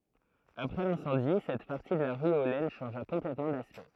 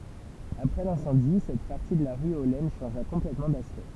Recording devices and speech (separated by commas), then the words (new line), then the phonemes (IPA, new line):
throat microphone, temple vibration pickup, read sentence
Après l'incendie, cette partie de la rue aux Laines changea complètement d'aspect.
apʁɛ lɛ̃sɑ̃di sɛt paʁti də la ʁy o lɛn ʃɑ̃ʒa kɔ̃plɛtmɑ̃ daspɛkt